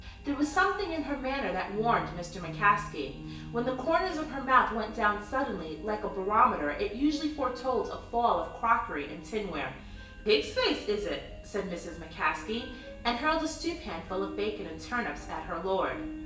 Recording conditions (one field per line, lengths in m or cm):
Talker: one person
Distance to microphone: 1.8 m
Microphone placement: close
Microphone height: 1.0 m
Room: large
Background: music